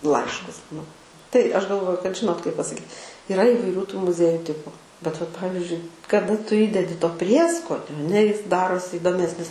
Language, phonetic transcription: Lithuanian, ˈlaiškus nu tai ˈaš galˈvoju kad ˈžinot kaip pasaˈkyt iˈra įvaiˈrių tų muˈzieju ˈtipu bet vat ˈpavizdžiui kaˈda ˈtu ˈįdedi to ˈprieskonio aˈne ˈjis ˈdarosi įdoˈmesnis

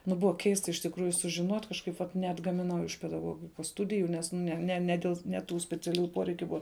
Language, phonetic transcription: Lithuanian, ˈnu ˈbuva ˈkeista iš tikˈrųju sužiˈnot' kažˈkaip vat neatgamiˈnau iš pedaˈgogikos ˈstudiju ˈnes ne ne ne ˈdėl ne ˈtų speciaˈliųju ˈporeikiu ˈbua

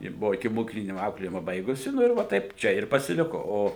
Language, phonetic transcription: Lithuanian, ji ˈbuvo ikimoˈkyklini ˈauklėjima ˈbaigusi ˈnu ir ˈva ˈtaip ˈčia ir pasiˈliko ˈo

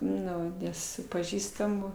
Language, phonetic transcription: Lithuanian, ˈnu ˈnes su paˈžįstamu

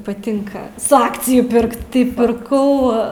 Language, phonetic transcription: Lithuanian, paˈtinka su ˈakciju ˈpirkt tai pirˈkau

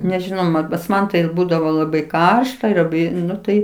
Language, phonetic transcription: Lithuanian, nežiˈnau ˈman pas ˈman tai ˈbūdavo laˈbai ˈkaršta ir laˈbai ˈnu ˈtai

